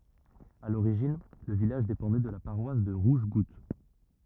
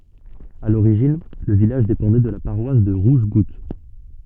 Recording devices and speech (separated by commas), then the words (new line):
rigid in-ear microphone, soft in-ear microphone, read sentence
À l'origine, le village dépendait de la paroisse de Rougegoutte.